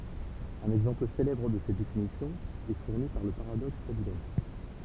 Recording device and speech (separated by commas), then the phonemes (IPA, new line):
temple vibration pickup, read sentence
œ̃n ɛɡzɑ̃pl selɛbʁ də sɛt definisjɔ̃ ɛ fuʁni paʁ lə paʁadɔks dabiln